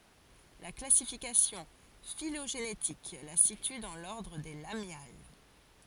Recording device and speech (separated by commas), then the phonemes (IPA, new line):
forehead accelerometer, read sentence
la klasifikasjɔ̃ filoʒenetik la sity dɑ̃ lɔʁdʁ de lamjal